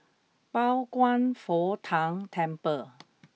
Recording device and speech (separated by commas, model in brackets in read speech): mobile phone (iPhone 6), read sentence